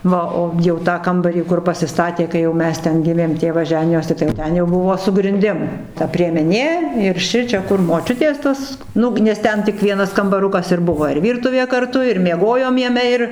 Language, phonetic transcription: Lithuanian, ˈva o ˈjau tą ˈkambarį kur pasiˈstatė kai jau ˈmes ˈten ˈgimėm ˈtėvas ˈženijosi tai jau ˈten jau ˈbuvo su grinˈdim ta priemeˈnė ir ˈšičia kur moˈčiutės ˈtas ˈnu nes ˈten tik ˈvienas kambaˈrukas ir ˈbuvo ir ˈvyrtuvė karˈtu ir mieˈgojom jaˈme ir

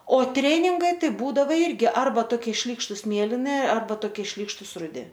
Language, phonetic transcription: Lithuanian, o ˈtreningai ˈtai ˈbūdava ˈirgi ˈarba ˈtokie ˈšlykštus ˈmėlini arˈba toˈkie ˈšlykštus ruˈdi

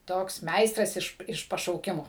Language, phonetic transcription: Lithuanian, ˈtoks ˈmeistras iš iš pašauˈkimo

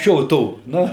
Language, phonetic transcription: Lithuanian, ˈšio ˈto ˈnu

